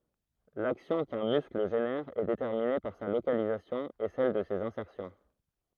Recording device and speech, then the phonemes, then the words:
throat microphone, read sentence
laksjɔ̃ kœ̃ myskl ʒenɛʁ ɛ detɛʁmine paʁ sa lokalizasjɔ̃ e sɛl də sez ɛ̃sɛʁsjɔ̃
L'action qu'un muscle génère est déterminée par sa localisation et celle de ses insertions.

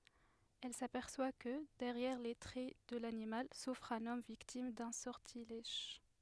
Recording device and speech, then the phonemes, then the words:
headset microphone, read sentence
ɛl sapɛʁswa kə dɛʁjɛʁ le tʁɛ də lanimal sufʁ œ̃n ɔm viktim dœ̃ sɔʁtilɛʒ
Elle s'aperçoit que, derrière les traits de l'animal, souffre un homme victime d'un sortilège.

